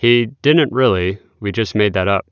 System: none